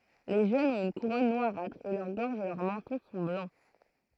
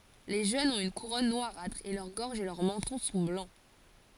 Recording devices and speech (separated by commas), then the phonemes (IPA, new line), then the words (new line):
throat microphone, forehead accelerometer, read sentence
le ʒønz ɔ̃t yn kuʁɔn nwaʁatʁ e lœʁ ɡɔʁʒ e lœʁ mɑ̃tɔ̃ sɔ̃ blɑ̃
Les jeunes ont une couronne noirâtre et leur gorge et leur menton sont blancs.